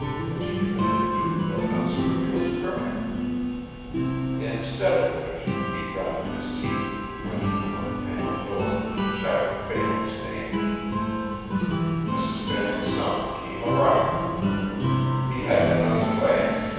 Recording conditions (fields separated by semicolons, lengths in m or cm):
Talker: one person; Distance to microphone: 7.1 m; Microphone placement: far; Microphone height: 1.7 m; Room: very reverberant, large; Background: music